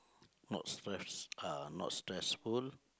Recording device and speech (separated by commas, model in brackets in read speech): close-talking microphone, conversation in the same room